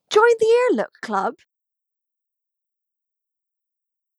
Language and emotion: English, surprised